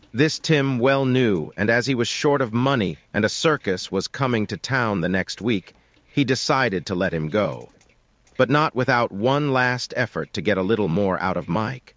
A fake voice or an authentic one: fake